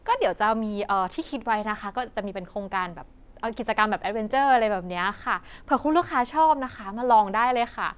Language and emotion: Thai, happy